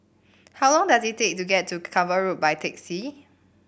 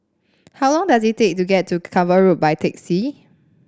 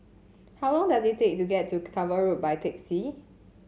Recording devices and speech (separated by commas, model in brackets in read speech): boundary microphone (BM630), standing microphone (AKG C214), mobile phone (Samsung C7), read sentence